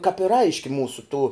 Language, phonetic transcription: Lithuanian, kap ir ˈaiški ˈmūsu tų

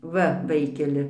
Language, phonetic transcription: Lithuanian, ˈva ˈvaikeli

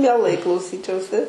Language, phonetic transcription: Lithuanian, mieˈlai klauˈsyčiausi

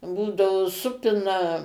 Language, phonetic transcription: Lithuanian, ˈbūdavo ˈsupina

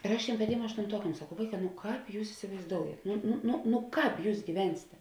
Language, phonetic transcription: Lithuanian, ir ˈaš ˈtėm paˈtėm aštunˈtuokam saˈkau ˈvaiˌkā nu ˈkāp jūs isivaizˈdoujet ˈnu nu nu nu ˈkāp ˈjūs gyˈvensėte

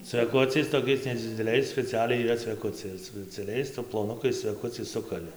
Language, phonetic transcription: Lithuanian, cveˈkuciais toˈkiais nedzideˈliais speciˈaliai yˈra cveˈkuciai ir su speciaˈliais ploˈnukais cveˈkuciais ˈsukali

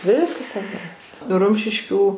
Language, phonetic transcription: Lithuanian, ˈviskas ten nu ˈrumšiškių

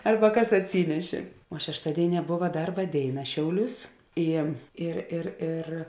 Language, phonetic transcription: Lithuanian, ˈarba ˈkas atˈsynešė o šešˈtadėiˌnie ˈbova ˈdarba ˈdėiˌna ˈšiauˌliūs ˈi ir ir ˈir

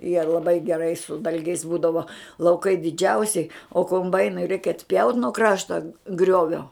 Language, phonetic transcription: Lithuanian, jie laˈbai geˈrai su ˈdalgiais ˈbūdavo lauˈkai diˈdžiausiai o komˈbainui reik atˈpjaut nuo ˈkrašta ˈgriovio

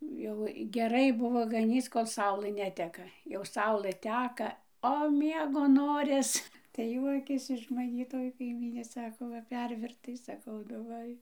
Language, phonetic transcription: Lithuanian, jau geˈrai ˈbuvo gaˈnyc ˈkol ˈsaulɘ ˈneteka jau ˈsaulɘ ˈteka o ˈmiego ˈnoris tai ˈjuokės iš maˈnį toj kaiˈmynė ˈsako ˈva ˈpervirtai saˈkau nu ˈva i

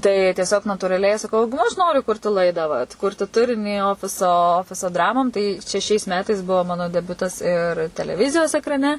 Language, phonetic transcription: Lithuanian, tai tieˈsiog natūraˈliai saˈkau ˈnu aš ˈnoriu ˈkurti ˈlaidą vatˈkurti ˈturinį ˈofiso ˈofiso ˈdramom tai čia šiais ˈmetais ˈbuo ˈmano deˈbiutas ir teleˈvizijos ekraˈne

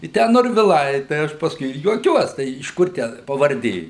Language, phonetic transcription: Lithuanian, i ˈtę norviˈlai tai ˈaš pasˈkui ir juoˈkiuos tai iš ˈkur tę pavarˈdė

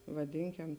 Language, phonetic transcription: Lithuanian, vaˈdinkem

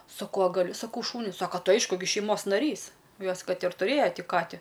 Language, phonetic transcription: Lithuanian, saˈkau a gaˈliu ˈsakau ˈšūniu ˈsaka ˈtai ˈaišku gi šeiˈmos naˈrys ˈjos ˈkad ir tuˈrėjo ˈti ˈkati

